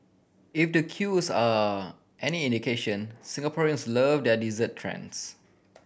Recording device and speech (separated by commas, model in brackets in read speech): boundary microphone (BM630), read sentence